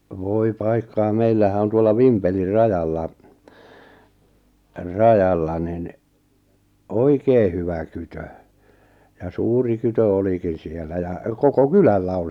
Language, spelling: Finnish, voi paikkaa meillähän on tuolla Vimpelin rajalla rajalla niin oikein hyvä kytö ja suuri kytö olikin siellä ja koko kylällä on
- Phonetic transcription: voi 'paikkaa 'meillähä on tuolla "Vimpelir "rajalla , "rajalla nin , "oikee hyvä 'kytö , ja "suuri kytö 'olikin̬ siellä ja , 'koko "kylällä on̬. .

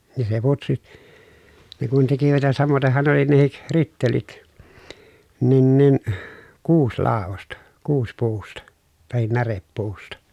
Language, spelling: Finnish, niin se putsi ne kun tekivät ja samoitenhan ne oli nekin rittelit niin niin kuusilaudasta kuusipuusta tai närepuusta
- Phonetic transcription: ni se putsi , ne kun tekivät ja samoteh̆han ne oli nehik , rittelit , nin nin , kuuslàovosta , kuuspuusta , tahin näreppuusta .

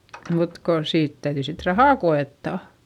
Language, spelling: Finnish, mutta kun siitä täytyi sitten rahaa koettaa
- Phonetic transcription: mut ko , siit täyδyi sit rahà ko₍ettà .

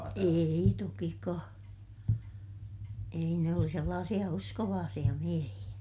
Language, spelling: Finnish, ei tokikaan ei ne oli sellaisia uskovaisia miehiä
- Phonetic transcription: èi tokikaa , ei ne oli sellaasiʲa uskovaasiʲa miehiʲä .

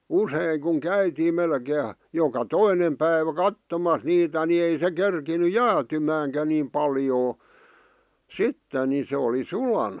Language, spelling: Finnish, usein kun käytiin melkein joka toinen päivä katsomassa niitä niin ei se kerinnyt jäätymäänkään niin paljoa sitten niin se oli sulana
- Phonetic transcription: 'usèⁱŋ kuŋ "käytiim 'melkee , joka "toinem päivä "kattomas niitä ni ei se 'kerkiny "jäätymääŋkä nim 'paljoo , "sitten ni se oli 'sulana .

